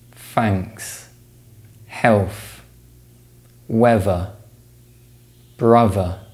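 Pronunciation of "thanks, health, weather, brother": In 'thanks, health, weather, brother', the th sounds are fronted, so they are replaced with f and v sounds.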